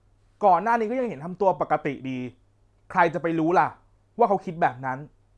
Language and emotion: Thai, frustrated